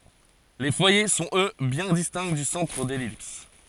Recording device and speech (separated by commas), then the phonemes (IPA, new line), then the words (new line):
forehead accelerometer, read sentence
le fwaje sɔ̃t ø bjɛ̃ distɛ̃ dy sɑ̃tʁ də lɛlips
Les foyers sont eux bien distincts du centre de l'ellipse.